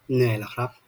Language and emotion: Thai, neutral